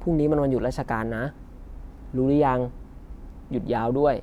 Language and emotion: Thai, neutral